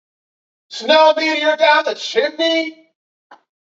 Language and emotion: English, disgusted